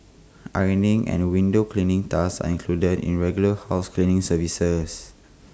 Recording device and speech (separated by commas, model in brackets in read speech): close-talking microphone (WH20), read sentence